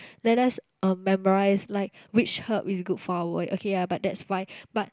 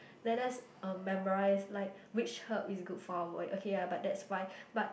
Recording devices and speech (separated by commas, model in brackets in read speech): close-talking microphone, boundary microphone, conversation in the same room